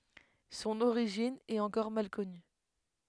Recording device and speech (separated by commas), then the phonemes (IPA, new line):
headset microphone, read sentence
sɔ̃n oʁiʒin ɛt ɑ̃kɔʁ mal kɔny